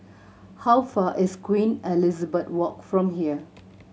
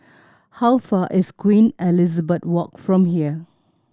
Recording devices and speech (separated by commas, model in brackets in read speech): mobile phone (Samsung C7100), standing microphone (AKG C214), read sentence